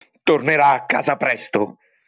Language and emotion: Italian, angry